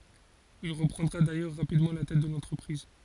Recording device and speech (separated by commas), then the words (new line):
forehead accelerometer, read sentence
Il reprendra d'ailleurs rapidement la tête de l'entreprise.